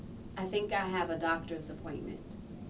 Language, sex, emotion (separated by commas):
English, female, neutral